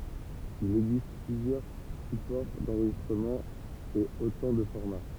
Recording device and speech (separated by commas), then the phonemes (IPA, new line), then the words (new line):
temple vibration pickup, read sentence
il ɛɡzist plyzjœʁ sypɔʁ dɑ̃ʁʒistʁəmɑ̃ e otɑ̃ də fɔʁma
Il existe plusieurs supports d'enregistrement et autant de formats.